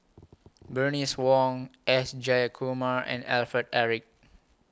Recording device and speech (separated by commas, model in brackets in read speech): close-talking microphone (WH20), read sentence